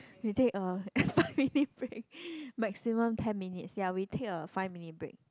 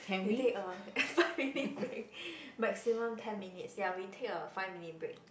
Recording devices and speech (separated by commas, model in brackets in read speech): close-talking microphone, boundary microphone, conversation in the same room